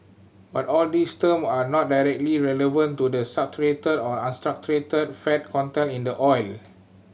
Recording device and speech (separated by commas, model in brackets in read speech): mobile phone (Samsung C7100), read sentence